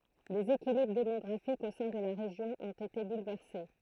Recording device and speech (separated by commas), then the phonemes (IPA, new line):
throat microphone, read sentence
lez ekilibʁ demɔɡʁafikz o sɛ̃ də la ʁeʒjɔ̃ ɔ̃t ete bulvɛʁse